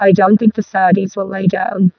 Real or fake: fake